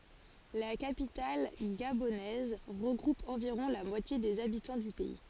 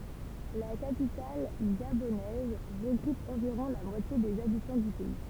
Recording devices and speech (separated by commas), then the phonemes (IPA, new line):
forehead accelerometer, temple vibration pickup, read sentence
la kapital ɡabonɛz ʁəɡʁup ɑ̃viʁɔ̃ la mwatje dez abitɑ̃ dy pɛi